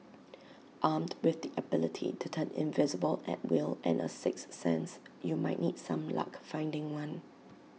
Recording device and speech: mobile phone (iPhone 6), read sentence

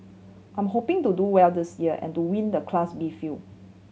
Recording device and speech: mobile phone (Samsung C7100), read sentence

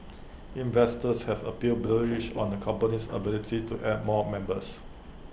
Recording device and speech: boundary microphone (BM630), read sentence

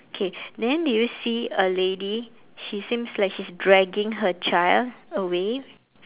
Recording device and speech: telephone, conversation in separate rooms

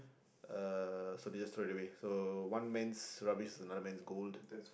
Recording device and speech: boundary microphone, conversation in the same room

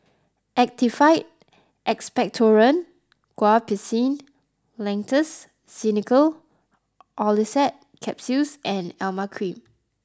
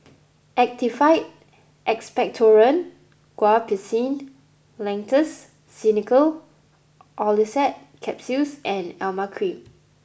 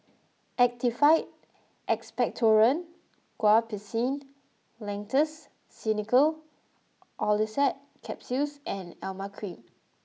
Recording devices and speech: close-talking microphone (WH20), boundary microphone (BM630), mobile phone (iPhone 6), read sentence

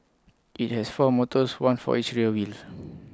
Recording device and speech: close-talking microphone (WH20), read sentence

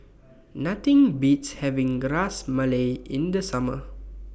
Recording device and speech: boundary microphone (BM630), read sentence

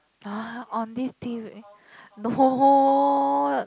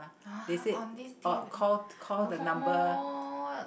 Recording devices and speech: close-talking microphone, boundary microphone, conversation in the same room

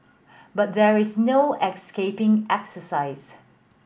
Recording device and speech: boundary microphone (BM630), read sentence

